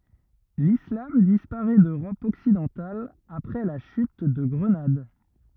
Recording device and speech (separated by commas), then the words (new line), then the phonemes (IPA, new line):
rigid in-ear microphone, read sentence
L’islam disparaît d’Europe occidentale après la chute de Grenade.
lislam dispaʁɛ døʁɔp ɔksidɑ̃tal apʁɛ la ʃyt də ɡʁənad